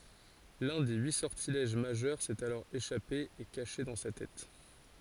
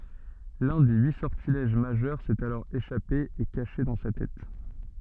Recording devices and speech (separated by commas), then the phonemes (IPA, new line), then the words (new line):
forehead accelerometer, soft in-ear microphone, read sentence
lœ̃ de yi sɔʁtilɛʒ maʒœʁ sɛt alɔʁ eʃape e kaʃe dɑ̃ sa tɛt
L'un des huit sortilèges majeurs s'est alors échappé et caché dans sa tête.